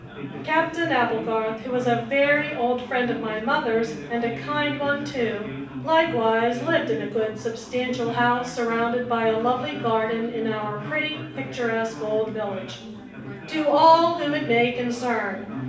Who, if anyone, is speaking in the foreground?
One person.